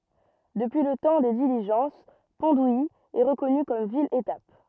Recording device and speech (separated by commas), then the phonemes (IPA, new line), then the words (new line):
rigid in-ear microphone, read sentence
dəpyi lə tɑ̃ de diliʒɑ̃s pɔ̃ duji ɛ ʁəkɔny kɔm vil etap
Depuis le temps des diligences, Pont-d'Ouilly est reconnue comme ville étape.